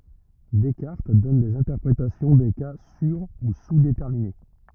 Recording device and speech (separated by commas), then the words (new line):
rigid in-ear microphone, read sentence
Descartes donne des interprétations des cas sur- ou sous-déterminés.